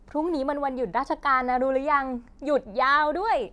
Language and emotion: Thai, happy